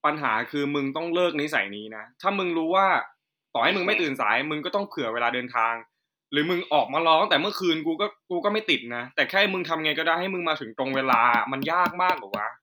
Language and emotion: Thai, frustrated